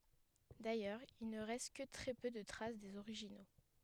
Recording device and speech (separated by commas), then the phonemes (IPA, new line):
headset microphone, read sentence
dajœʁz il nə ʁɛst kə tʁɛ pø də tʁas dez oʁiʒino